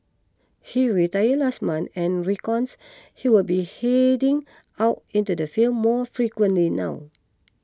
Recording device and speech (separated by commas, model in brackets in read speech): close-talking microphone (WH20), read sentence